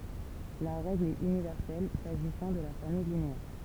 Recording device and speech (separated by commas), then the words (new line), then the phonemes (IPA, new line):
temple vibration pickup, read sentence
La règle est universelle s'agissant de la famille linéaire.
la ʁɛɡl ɛt ynivɛʁsɛl saʒisɑ̃ də la famij lineɛʁ